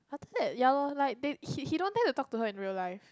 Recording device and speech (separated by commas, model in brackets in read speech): close-talking microphone, conversation in the same room